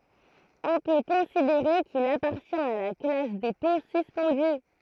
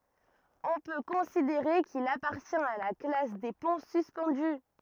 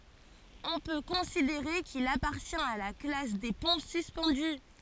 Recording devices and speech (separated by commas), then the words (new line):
throat microphone, rigid in-ear microphone, forehead accelerometer, read sentence
On peut considérer qu'il appartient à la classe des ponts suspendus.